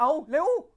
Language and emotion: Thai, frustrated